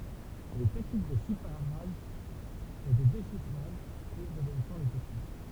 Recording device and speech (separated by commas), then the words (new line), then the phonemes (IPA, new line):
temple vibration pickup, read sentence
Les techniques de chiffrage et de déchiffrage suivent l'évolution des techniques.
le tɛknik də ʃifʁaʒ e də deʃifʁaʒ syiv levolysjɔ̃ de tɛknik